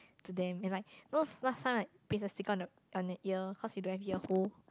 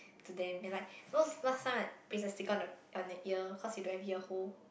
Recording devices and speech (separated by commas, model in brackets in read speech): close-talking microphone, boundary microphone, conversation in the same room